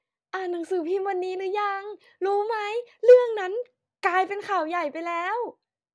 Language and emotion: Thai, happy